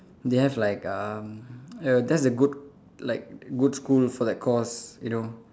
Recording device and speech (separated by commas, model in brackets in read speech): standing microphone, conversation in separate rooms